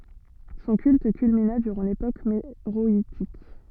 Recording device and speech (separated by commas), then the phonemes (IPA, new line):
soft in-ear microphone, read sentence
sɔ̃ kylt kylmina dyʁɑ̃ lepok meʁɔitik